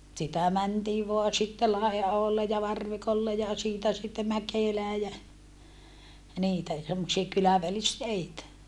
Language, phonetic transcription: Finnish, sitä mäntii voa sitte Lai₍aholle ja Varvikolle ja siitä sitte Mäkèlää jä , niitä , semmosia kylävälisteitä .
- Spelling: sitä mentiin vain sitten Laiaholle ja Varvikolle ja siitä sitten Mäkelään ja niitä semmoisia kylävälisteitä

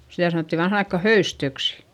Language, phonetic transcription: Finnish, sitä sanòtti vanhan ‿aikka höystöksI .
- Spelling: sitä sanottiin vanhaan aikaan höystöksi

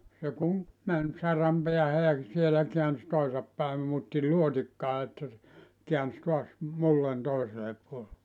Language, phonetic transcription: Finnish, se kuŋ , 'män , 'saram peähä ja , 'sielä 'keäns 'toisap päim muutti 'luotikkaa että se , 'kiäns toas , 'mullan 'toiselep puol(elle) .
- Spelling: se kun meni saran päähän ja siellä käänsi toisin päin muutti luotikkaa että se käänsi taas mullan toiselle puolelle

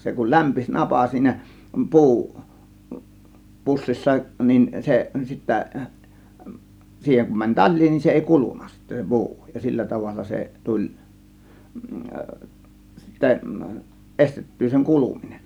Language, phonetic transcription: Finnish, 'se kul "lämpis 'napa siinä "pu̬u , 'pussissa nin 'se sittä , 'siiheŋ kum mäń "taĺ̆lii nin 'se èi "kulun̆na sittä "pu̬u , ja "sillä 'tavalla 'se "tuĺ , 'sittä , "ˀestet̀tyy seŋ "kuluminen .
- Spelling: se kun lämpeni napa siinä puu pussissa niin se sitten siihen kun meni talia niin se ei kulunut sitten puu ja sillä tavalla se tuli sitten estettyä sen kuluminen

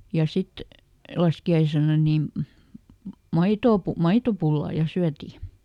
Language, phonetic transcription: Finnish, ja ˈsit , ˈlaski₍aisena nìm- , "maitoo pu- , "maitopullà ˈja syäti .
- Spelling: ja sitten laskiaisena - maitoa - maitopullaa ja syötiin

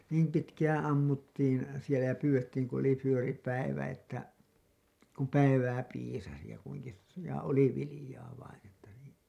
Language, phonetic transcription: Finnish, niim pitkäää̰ 'ammuttiin̬ , sielä ja 'pyyWettiiŋ kun ‿oli fyöri päivä että , kum "päivää piisasi ja kuiŋki , ja 'oli 'vilĭjaa vain ‿että niin̬ .
- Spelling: niin pitkään ammuttiin siellä ja pyydettiin kun oli vyöri päivä että kun päivää piisasi ja kunkin ja oli viljaa vain että niin

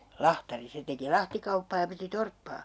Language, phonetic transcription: Finnish, "lahtari , 'se teki "lahtikauppaa ja piti 'torppaa .
- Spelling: lahtari se teki lahtikauppaa ja piti torppaa

